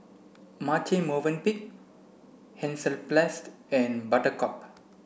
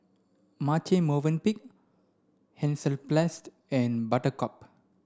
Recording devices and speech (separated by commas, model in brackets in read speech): boundary microphone (BM630), standing microphone (AKG C214), read sentence